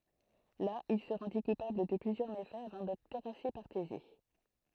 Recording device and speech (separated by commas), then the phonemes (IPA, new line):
throat microphone, read sentence
la il sə ʁɑ̃di kupabl də plyzjœʁ mefɛz avɑ̃ dɛtʁ tɛʁase paʁ teze